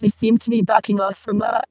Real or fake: fake